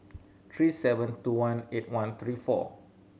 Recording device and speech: mobile phone (Samsung C7100), read sentence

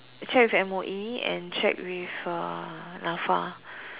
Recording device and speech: telephone, conversation in separate rooms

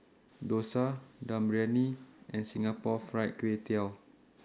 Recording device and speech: standing microphone (AKG C214), read sentence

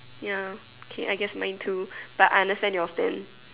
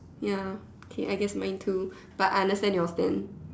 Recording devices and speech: telephone, standing microphone, conversation in separate rooms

